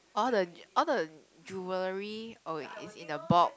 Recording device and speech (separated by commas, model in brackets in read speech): close-talking microphone, conversation in the same room